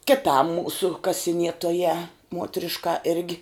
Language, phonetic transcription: Lithuanian, kiˈtam ˈmūsu kasiˈnietojā ˈmuotriška ˈirgi

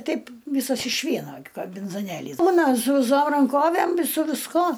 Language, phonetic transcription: Lithuanian, ˈteip ˈvysas iš ˈvieno gi kambinzoˈnėlys ˈbūna su viˈsom ranˈkovæm i su visˈko

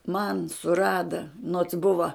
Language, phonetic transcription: Lithuanian, man suˈrada nots ˈbuva

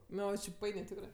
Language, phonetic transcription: Lithuanian, ˈnu jau či ˈpainė ˈtikrɜ

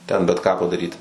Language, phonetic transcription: Lithuanian, ˈten bet ˈką padaˈryti

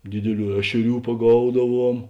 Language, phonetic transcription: Lithuanian, ˈdidiˌlių ˈešeˌrių paˈgaudaˌvuom

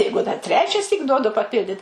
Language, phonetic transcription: Lithuanian, ˈjeigu dar ˈtrečiasyk ˈduodu paˈpildit

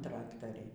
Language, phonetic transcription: Lithuanian, ˈtraktariai

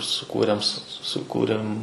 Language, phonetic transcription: Lithuanian, suˈkūrėm su suˈkūrėm

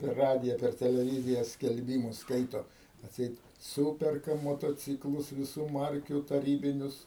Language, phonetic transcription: Lithuanian, per ˈradija per teleˈvyzija skelˈbymus ˈskaito atˈseit ˈsūperka motoˈcyklus viˈsų ˈmarkių taˈrybinius

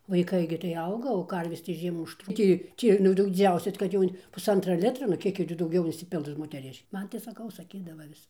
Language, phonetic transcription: Lithuanian, vaiˈkai gi tai ˈauga o ˈkarvės tai ˈžiemų užˈtrū ˈtį ˈtį nu ˈdau diˈdziausias kad ˈjau puˈsantra ˈlitra nu ˈkiek ji ti dauˈgiau insiˈpils moteˈriš' ˈman tai saˈkau saˈkydava ˈvis

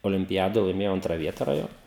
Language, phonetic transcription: Lithuanian, olimpiˈjadoj laiˈmėjau ˈantra ˈvieta raˈjon

